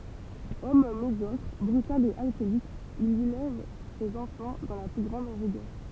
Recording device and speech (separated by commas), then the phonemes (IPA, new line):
temple vibration pickup, read sentence
ɔm medjɔkʁ bʁytal e alkɔlik il elɛv sez ɑ̃fɑ̃ dɑ̃ la ply ɡʁɑ̃d ʁiɡœʁ